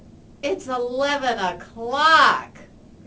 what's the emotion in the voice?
disgusted